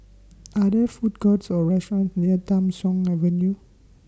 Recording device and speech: standing microphone (AKG C214), read sentence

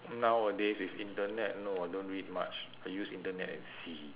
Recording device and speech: telephone, conversation in separate rooms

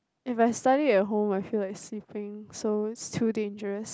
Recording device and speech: close-talking microphone, conversation in the same room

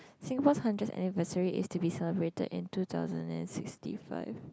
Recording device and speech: close-talking microphone, conversation in the same room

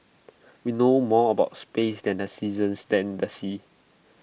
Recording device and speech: boundary microphone (BM630), read sentence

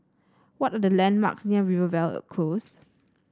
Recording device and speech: standing microphone (AKG C214), read sentence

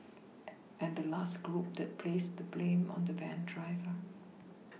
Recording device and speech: mobile phone (iPhone 6), read sentence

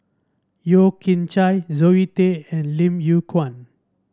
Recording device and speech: standing microphone (AKG C214), read sentence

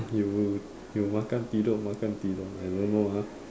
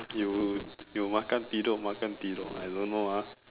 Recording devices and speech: standing microphone, telephone, conversation in separate rooms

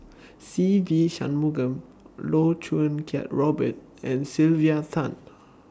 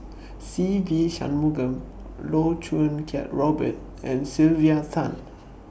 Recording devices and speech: standing microphone (AKG C214), boundary microphone (BM630), read sentence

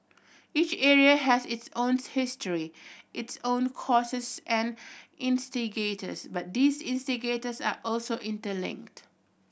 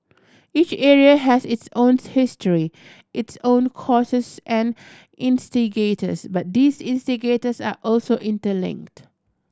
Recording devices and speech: boundary microphone (BM630), standing microphone (AKG C214), read sentence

